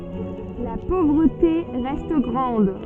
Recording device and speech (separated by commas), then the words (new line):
soft in-ear microphone, read sentence
La pauvreté reste grande.